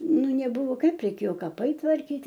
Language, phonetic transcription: Lithuanian, ˈnu neˈbuvo ˈkaip reiˈkėjo kaˈpai tvarˈkyt'

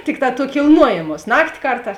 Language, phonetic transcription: Lithuanian, ˈtikˌtā tuo kilˈnuojėmuos ˈnakti ˈkarˌtās

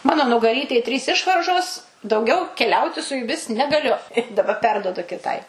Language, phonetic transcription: Lithuanian, ˈmano nugaˈrytej ˈtrys ˈišvaržos dauˈgiau keˈliauti su juˈmis negaˈliu i daˈba ˈperduodu kiˈtai

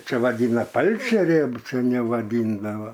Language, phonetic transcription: Lithuanian, ˈčia vaˈdyna ˈpalčerė seˈniau vaˈdyndava

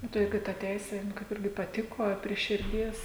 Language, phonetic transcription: Lithuanian, ˈnu tai ˈjug i ta ˈteisė nu ˈkaip ˈirgi paˈtiko a prie širˈdies

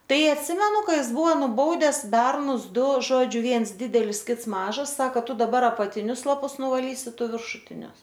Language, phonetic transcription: Lithuanian, ˈtai atˈsimenu ˈka ˈjis ˈbuvo nuˈbaudes ˈbernus ˈdu ˈžodžiu ˈviens ˈdidelis ˈkits ˈmažas ˈsaka ˈtu daˈbar apatiˈnius laˈpus nuvaˈlysi ˈtu viršuˈtinius

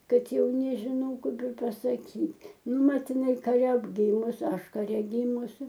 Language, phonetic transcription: Lithuanian, ˈkad ˈjau nežiˈnau ˈkaip ir pasaˈkyt' ˈnu ˈmat iˈnai kaˈre ˈgymus ˈaš kaˈre ˈgymusi

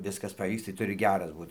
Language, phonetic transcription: Lithuanian, ˈviskas paˈvyks tai ˈturi ˈgeras ˈbūt

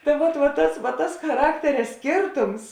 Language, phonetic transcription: Lithuanian, ta ˈvot vot ˈtas va tas chaˈrakteria ˈskėrtums

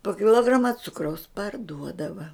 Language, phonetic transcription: Lithuanian, po kiˈlograma ˈcukraus parˈduodava

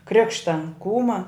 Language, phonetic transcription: Lithuanian, ˈkrikšta ˈkūma

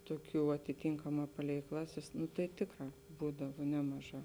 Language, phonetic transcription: Lithuanian, ˈtuoˌkių atiˈtynkaˌmā ˈpalei ˈklaˌsės nu tai ˈtėkˌrā ˈbūdava ˈnemaˌžā

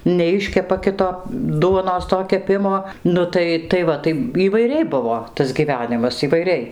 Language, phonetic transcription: Lithuanian, neˈiškepa ˈkito ˈduonos to keˈpimo ˈnu tai tai ˈva tai įvaiˈriai ˈbuvo tas gyˈvenimas įvaiˈriai

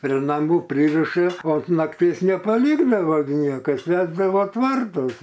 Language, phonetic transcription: Lithuanian, pri naˈmų ˈpryrišɨ o unt ˈnaktės nepaˈlykdava gi ˈniekas ˈvesdavo ˈtvartuos

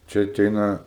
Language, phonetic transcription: Lithuanian, ˈčia aˈteina

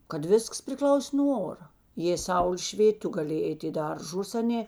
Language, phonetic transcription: Lithuanian, kad ˈvisks priˈklausė nuo ˈora jė ˈsaulė ˈšvėt' ˈtu gaˈlėjė ˈeit' i ˈdarˌžus aˈnė

